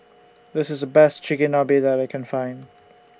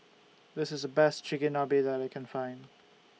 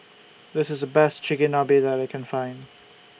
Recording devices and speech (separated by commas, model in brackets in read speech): standing microphone (AKG C214), mobile phone (iPhone 6), boundary microphone (BM630), read sentence